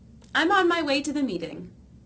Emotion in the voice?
happy